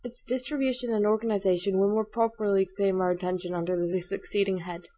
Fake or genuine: genuine